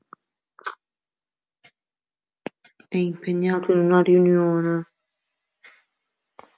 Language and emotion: Italian, sad